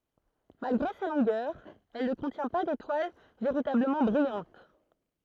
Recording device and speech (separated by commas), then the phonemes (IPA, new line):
throat microphone, read sentence
malɡʁe sa lɔ̃ɡœʁ ɛl nə kɔ̃tjɛ̃ pa detwal veʁitabləmɑ̃ bʁijɑ̃t